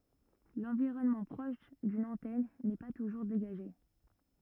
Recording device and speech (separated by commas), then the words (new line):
rigid in-ear microphone, read sentence
L'environnement proche d'une antenne n'est pas toujours dégagé.